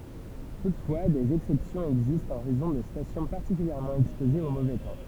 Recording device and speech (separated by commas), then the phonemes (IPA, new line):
temple vibration pickup, read sentence
tutfwa dez ɛksɛpsjɔ̃z ɛɡzistt ɑ̃ ʁɛzɔ̃ də stasjɔ̃ paʁtikyljɛʁmɑ̃ ɛkspozez o movɛ tɑ̃